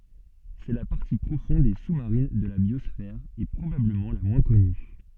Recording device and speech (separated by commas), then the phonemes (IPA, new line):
soft in-ear microphone, read sentence
sɛ la paʁti pʁofɔ̃d e su maʁin də la bjɔsfɛʁ e pʁobabləmɑ̃ la mwɛ̃ kɔny